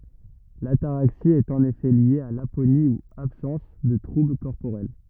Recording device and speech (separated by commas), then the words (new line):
rigid in-ear microphone, read sentence
L'ataraxie est en effet liée à l'aponie ou absence de troubles corporels.